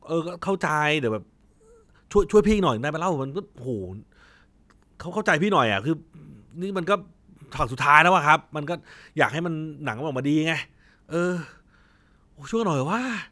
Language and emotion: Thai, frustrated